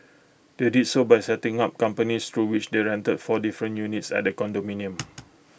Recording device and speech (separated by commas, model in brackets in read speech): boundary microphone (BM630), read sentence